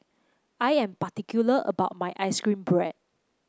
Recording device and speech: close-talking microphone (WH30), read sentence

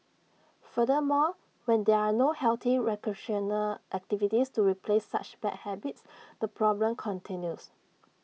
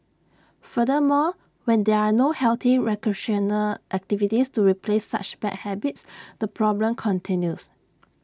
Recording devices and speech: mobile phone (iPhone 6), standing microphone (AKG C214), read sentence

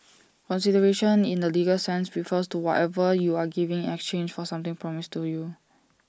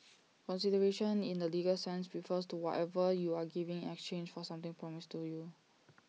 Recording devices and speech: standing microphone (AKG C214), mobile phone (iPhone 6), read sentence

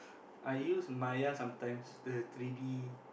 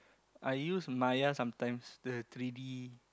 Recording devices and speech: boundary microphone, close-talking microphone, conversation in the same room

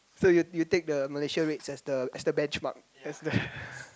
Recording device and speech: close-talking microphone, conversation in the same room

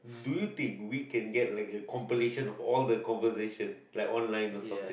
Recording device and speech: boundary microphone, conversation in the same room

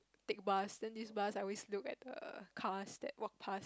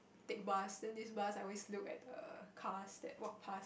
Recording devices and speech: close-talking microphone, boundary microphone, conversation in the same room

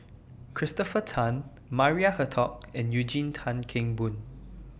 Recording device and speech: boundary microphone (BM630), read sentence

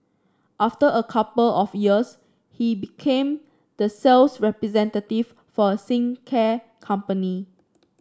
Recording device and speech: standing microphone (AKG C214), read sentence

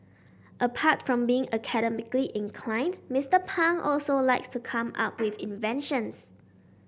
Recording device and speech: boundary microphone (BM630), read sentence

